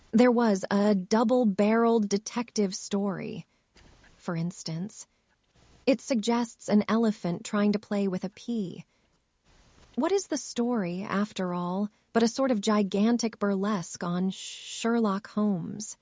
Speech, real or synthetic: synthetic